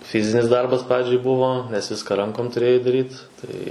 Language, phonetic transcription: Lithuanian, ˈfizinis ˈdarbas ˈpradžiai ˈbuvo nes ˈviską ˈrankom tuˈrėjai daˈryt ˈtai

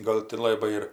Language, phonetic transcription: Lithuanian, ˈgal ti ˈlabai ir

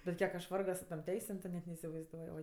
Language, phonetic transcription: Lithuanian, bet ˈkiek aš ˈvargo su tom ˈteisėm tu ˈnet neisivaizˈduoj ˈoi

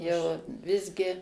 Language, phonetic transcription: Lithuanian, jau ˈvisgi

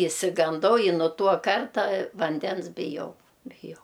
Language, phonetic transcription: Lithuanian, išsiganˈdau i nu ˈtuo ˈkarta vanˈdens biˈjau biˈjau

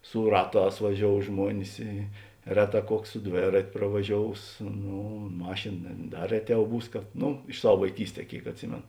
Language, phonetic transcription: Lithuanian, su ˈraˌtās vaˈžiou ˈžmuonis ˈy ˈreˌtā ˈkuoks su ˈdvėrat' pravaˈžious ˈnū ˈmašėn ne ˈda ˈreˌtiau ˈbūs ˈnū iš ˈsav vaiˈkysˌtē ˈkėik atˈsimėn

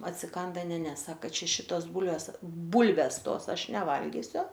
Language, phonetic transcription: Lithuanian, atsiˈkanda ˈne ˈne ˈsaka ˈčia ˈšitos ˈbūlvės ˈbūlves ˈtos ˈaš neˈvalgisiu

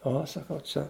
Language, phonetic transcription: Lithuanian, ˈo saˈkau ˈčia

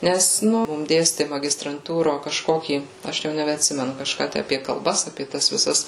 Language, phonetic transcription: Lithuanian, nes ˈnu ˈmum ˈdėsti magistranˈtūro kažˈkokį ˈaš jau nebeatˈsimenu kažˈką ˈtæ apie kalˈbas apie ˈtas viˈsas

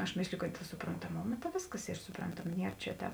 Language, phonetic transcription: Lithuanian, aš ˈmėsliju kad suprontaˈmoma ta ˈvėsˌkas ˈy suˈprantama ˈnier čia ˈtēp

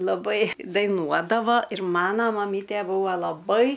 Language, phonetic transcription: Lithuanian, laˈbai daiˈnuodava ir ˈmana maˈmytė ˈbūva laˈbai

